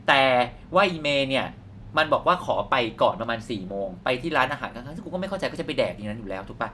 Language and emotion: Thai, frustrated